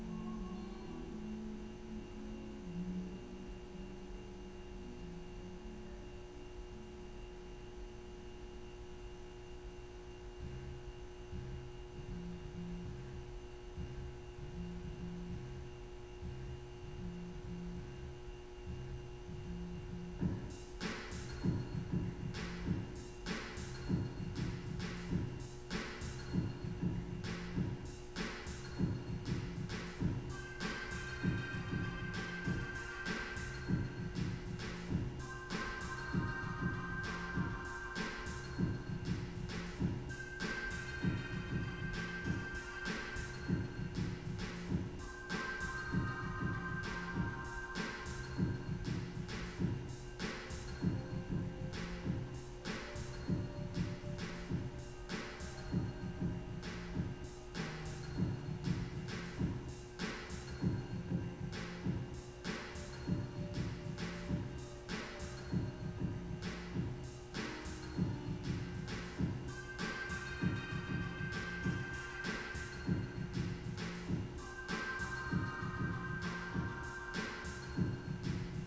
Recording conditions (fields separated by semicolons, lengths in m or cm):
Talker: no one; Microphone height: 71 cm; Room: very reverberant, large; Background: music